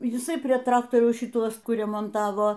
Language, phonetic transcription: Lithuanian, jiˈsai prie ˈtraktoriaus šiˈtuos ˈkur remonˈtavo

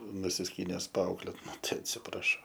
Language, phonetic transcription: Lithuanian, nusisˈkynes paˈauklėt ˈnu ˈtai atsipraˈšau

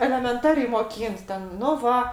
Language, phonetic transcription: Lithuanian, elemenˈtariai moˈkynt ten nu ˈva

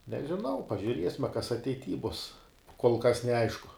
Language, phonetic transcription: Lithuanian, nežiˈnau pažiuˈriesme kas ateiˈty bus kol kas neˈaišku

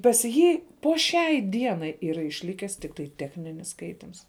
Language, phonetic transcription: Lithuanian, pas ˈjį po ˈšiai ˈdienai yˈra išˈlikęs tikˈtai ˈtechninis ˈskaitims

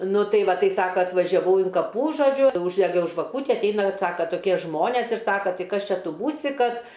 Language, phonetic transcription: Lithuanian, ˈnu ˈtai ˈva ˈtai ˈsaka atvažiaˈvau in kaˈpų žoˈdžiu ūždeˈgiau žvaˈkūti atˈeina ˈsaka toˈkie ˈžmonės ir ˈsaka ˈtai ˈkas ˈčia ˈtu ˈbūsi ˈkad

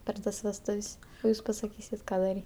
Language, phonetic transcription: Lithuanian, per ˈtas vesˈtuv's' o ˈjūs pasaˈkysit ˈką daˈry

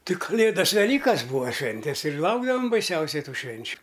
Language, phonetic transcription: Lithuanian, ti kaˈlėdas veˈlykas ˈbūa ˈšventes ir ˈlaukdavam baiˈsiausiai ˈtų ˈšvenčiu

